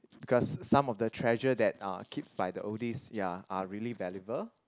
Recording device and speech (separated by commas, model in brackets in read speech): close-talking microphone, conversation in the same room